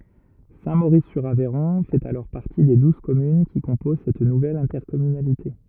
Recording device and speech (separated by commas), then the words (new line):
rigid in-ear microphone, read sentence
Saint-Maurice-sur-Aveyron fait alors partie des douze communes qui composent cette nouvelle intercommunalité.